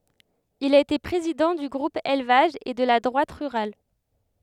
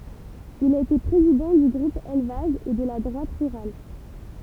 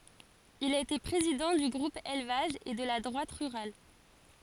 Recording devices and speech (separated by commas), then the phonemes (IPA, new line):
headset microphone, temple vibration pickup, forehead accelerometer, read sentence
il a ete pʁezidɑ̃ dy ɡʁup elvaʒ e də la dʁwat ʁyʁal